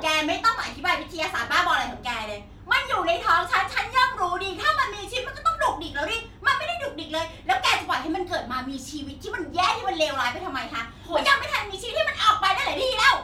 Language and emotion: Thai, angry